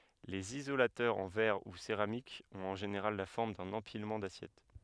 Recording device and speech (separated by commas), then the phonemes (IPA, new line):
headset microphone, read sentence
lez izolatœʁz ɑ̃ vɛʁ u seʁamik ɔ̃t ɑ̃ ʒeneʁal la fɔʁm dœ̃n ɑ̃pilmɑ̃ dasjɛt